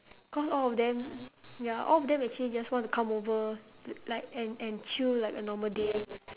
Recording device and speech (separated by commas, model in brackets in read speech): telephone, conversation in separate rooms